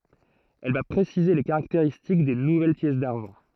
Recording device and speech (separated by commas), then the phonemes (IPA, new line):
throat microphone, read sentence
ɛl va pʁesize le kaʁakteʁistik de nuvɛl pjɛs daʁʒɑ̃